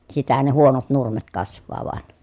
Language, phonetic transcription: Finnish, sitähän ne huonot nurmet kasv̆vaa vᵒan .
- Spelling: sitähän ne huonot nurmet kasvaa vain

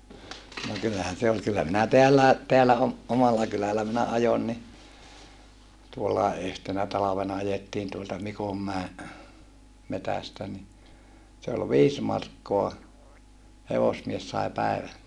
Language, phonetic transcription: Finnish, no kyllähän se ol kyllä minä teällä̀e , teällä om- , omalla kyläl̆lä minä ajon ni , tuollàe yhtenä talavena ajettiin tuolta Mikommäe , metästä ni , se ol viis markkoa , hevosmies sai pä̀evä(lle) .
- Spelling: no kyllähän se oli kyllä minä täälläkin täällä - omalla kylällä minä ajoin niin tuollakin yhtenä talvena ajettiin tuolta Mikonmäen metsästä niin se oli viisi markkaa hevosmies sai päivälle

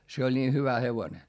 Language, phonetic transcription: Finnish, se oĺ nii hyvä hevone .
- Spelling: se oli niin hyvä hevonen

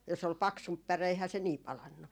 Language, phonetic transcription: Finnish, jos ‿ol "paksump 'päre eihää se 'nii 'palannu .
- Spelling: jos oli paksumpi päre eihän se niin palanut

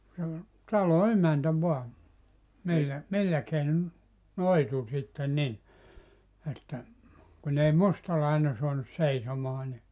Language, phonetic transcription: Finnish, se ol , 'talo "emäntä voa , 'millä , 'millä keinon , "noitu sitten 'nin , että , kun ‿ei "mustalaine suanus 'seisomaa ni ,.
- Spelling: se oli talon emäntä vaan millä millä keinoin noitui sitten niin että kun ei mustalainen saanut seisomaan niin

